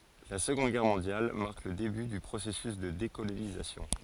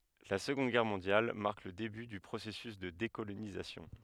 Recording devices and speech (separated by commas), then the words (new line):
forehead accelerometer, headset microphone, read sentence
La Seconde Guerre mondiale marque le début du processus de décolonisation.